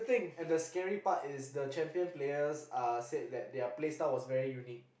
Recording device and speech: boundary microphone, conversation in the same room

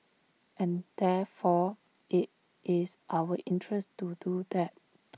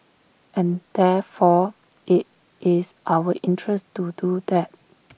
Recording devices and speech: mobile phone (iPhone 6), boundary microphone (BM630), read sentence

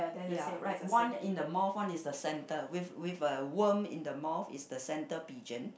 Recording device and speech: boundary microphone, conversation in the same room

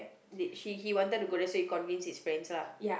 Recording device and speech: boundary microphone, conversation in the same room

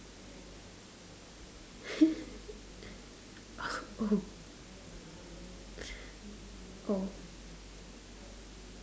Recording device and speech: standing microphone, conversation in separate rooms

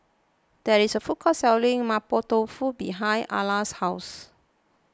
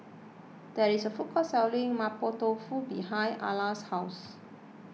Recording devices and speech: close-talking microphone (WH20), mobile phone (iPhone 6), read sentence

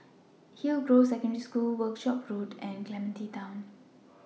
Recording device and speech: mobile phone (iPhone 6), read sentence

